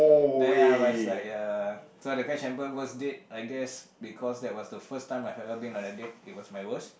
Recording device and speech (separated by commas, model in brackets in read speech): boundary microphone, conversation in the same room